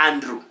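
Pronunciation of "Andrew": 'Andrew' is pronounced correctly here, and it starts with the low front 'ah' sound.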